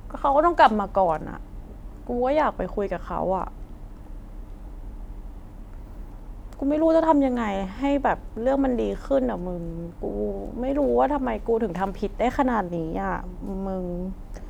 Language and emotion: Thai, sad